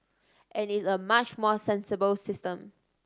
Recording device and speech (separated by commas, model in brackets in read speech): standing microphone (AKG C214), read sentence